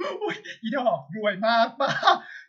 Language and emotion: Thai, happy